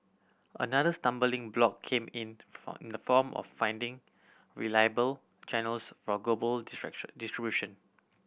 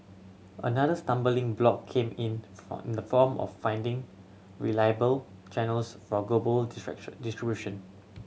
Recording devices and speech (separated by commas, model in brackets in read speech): boundary microphone (BM630), mobile phone (Samsung C7100), read sentence